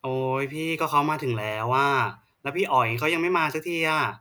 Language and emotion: Thai, frustrated